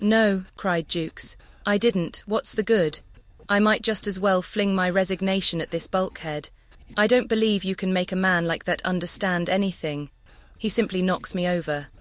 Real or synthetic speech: synthetic